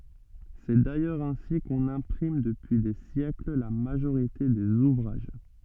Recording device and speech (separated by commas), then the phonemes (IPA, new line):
soft in-ear microphone, read sentence
sɛ dajœʁz ɛ̃si kɔ̃n ɛ̃pʁim dəpyi de sjɛkl la maʒoʁite dez uvʁaʒ